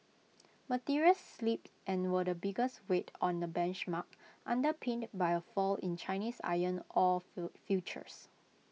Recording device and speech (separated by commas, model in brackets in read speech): mobile phone (iPhone 6), read sentence